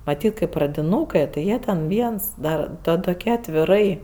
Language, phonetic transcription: Lithuanian, maˈtyt kɜ pradiˈnūkɜ ti ˈjie ten ˈviens ˈda ˈta toˈkią atviˈrai

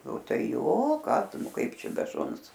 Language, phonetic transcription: Lithuanian, o ˈtai ˈjo ˈką ˈtu ˈnu ˈkaip ˈčia be ˈšuns

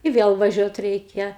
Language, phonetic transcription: Lithuanian, i ˈvėl vaˈžiuot ˈreikia

